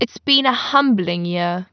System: none